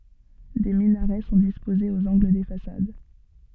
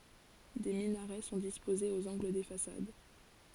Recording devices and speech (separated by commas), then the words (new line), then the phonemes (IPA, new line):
soft in-ear microphone, forehead accelerometer, read sentence
Des minarets sont disposés aux angles des façades.
de minaʁɛ sɔ̃ dispozez oz ɑ̃ɡl de fasad